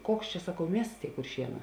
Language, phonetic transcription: Lithuanian, ˈkoks čia saˈkau ˈmiests ˈtėi kurˈšieˌnā

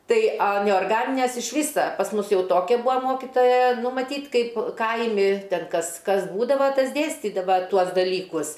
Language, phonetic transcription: Lithuanian, ˈtai a neorˈganinæs iš ˈvysa pas ˈmus ˈjau ˈtokia ˈbua ˈmokitoja ˈnu maˈtyt ˈkaip ˈkaimi ˈten ˈkas ˈkas ˈbūdava ˈtas ˈdėstydava ˈtuos daˈlykus

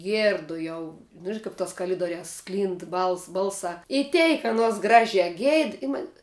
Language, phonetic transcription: Lithuanian, ˈgierdu ˈjau nu ˈžina ˈkap tos kaˈlidoriās ˈsklynd ˈbals ˈbalsā i ˈteik aˈnuos ˈgražiā ˈgeid i ˈman'

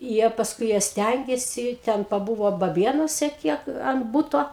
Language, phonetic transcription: Lithuanian, ˈjie pasˈkui ˈjie ˈstængėsi ˈten paˈbuvo baˈbėnuose ˈkiek an ˈbuto

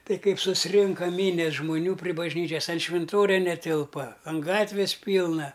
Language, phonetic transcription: Lithuanian, ˈtai ˈkaip susˈrinka ˈmynias žmoˈnių pri bažˈnyčias an švinˈtoria neˈtilpa an ˈgatvis ˈpylna

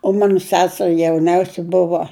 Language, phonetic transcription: Lithuanian, o ˈmanu ˈseseri jauˈniausia ˈbuvo

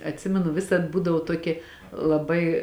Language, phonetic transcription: Lithuanian, atˈsimenu ˈvisad ˈbūdavo ˈtuokė laˈbai

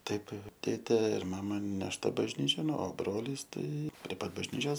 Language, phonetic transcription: Lithuanian, ˈtaip ˈtėtė ir ˈmama nešˈta bažˈnyčion o ˈbrolys ˈtai prie ˈpat bažˈnyčios

